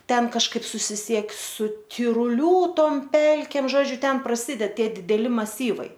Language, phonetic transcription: Lithuanian, ˈten kažˈkaip susiˈsiek su tiruˈlių ˈtom ˈpelkėm ˈžodžiu ˈten praˈsyded ˈtie dideˈli maˈsyvai

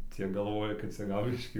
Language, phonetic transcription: Lithuanian, ˈcie galˈvoja kad ˈcia ˈgal ˈbiškį

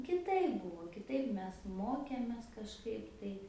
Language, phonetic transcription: Lithuanian, kiˈtaip ˈbūvo kiˈtaip ˈmes ˈmokėmės kažˈkaip tai

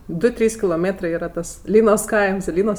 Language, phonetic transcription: Lithuanian, ˈdu ˈtrys kiloˈmėtrɜ ˈyra tas ˈlynos ˈkaims i ˈlynos

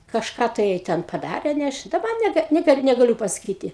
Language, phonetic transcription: Lithuanian, kažˈką tai jai ˈten paˈdarė ne ˈaš daˈba neˈga neˈkaip negaˈliu pasaˈkyti

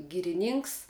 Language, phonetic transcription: Lithuanian, gyriˈnynks

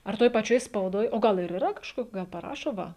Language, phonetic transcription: Lithuanian, ar ˈtoj paˈčioj spauˈdoj o ˈgal ir yˈra kažˈkok ˈgal paˈrašo ˈva

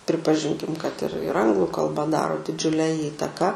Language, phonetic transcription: Lithuanian, pripaˈžinkim kad ir ir ˈanglu kalˈba ˈdaro diˈdžiule ˈįtaką

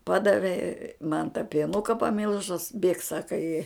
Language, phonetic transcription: Lithuanian, ˈpadave man tą pieˈnuka paˈmilžus bėk ˈsaka i

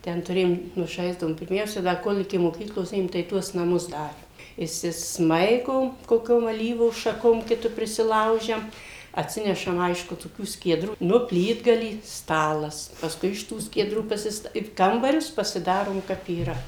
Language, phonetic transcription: Lithuanian, ˈten tuˈrėjom ˈnu ˈžaisdavom pirˈmiausia ˈda ˈkol' iki moˈkyklos ˈėjom tai ˈtuos naˈmus ˈdarėm išsisˈmaigom koˈkiom aˈlyvų šaˈkom ˈkitu prisiˈlaužiam atˈsinešam ˈaišku toˈkių skieˈdrų ˈnu ˈplytgalį ˈstalas pasˈkui iš ˈtų skieˈdrų pasisˈta i ˈkambarius pasiˈdarom ˈkap yˈra

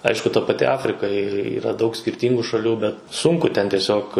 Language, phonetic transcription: Lithuanian, ˈaišku ta paˈti ˈafrika yˈra ˈdaug skirˈtyngu šaˈlių bet ˈsunku ten tieˈsiog

